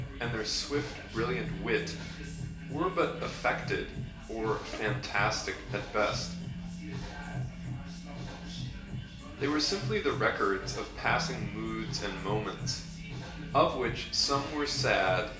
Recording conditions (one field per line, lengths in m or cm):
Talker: one person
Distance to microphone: 1.8 m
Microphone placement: close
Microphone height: 1.0 m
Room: large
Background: music